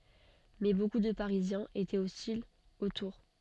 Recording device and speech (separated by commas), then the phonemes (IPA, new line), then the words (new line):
soft in-ear microphone, read sentence
mɛ boku də paʁizjɛ̃z etɛt ɔstilz o tuʁ
Mais beaucoup de Parisiens étaient hostiles aux tours.